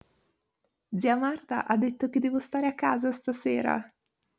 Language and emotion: Italian, sad